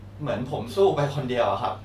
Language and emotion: Thai, sad